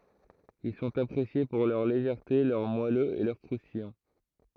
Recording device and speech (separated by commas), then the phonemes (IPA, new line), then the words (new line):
throat microphone, read sentence
il sɔ̃t apʁesje puʁ lœʁ leʒɛʁte lœʁ mwaløz e lœʁ kʁustijɑ̃
Ils sont appréciés pour leur légèreté, leur moelleux et leur croustillant.